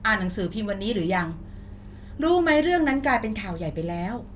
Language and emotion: Thai, frustrated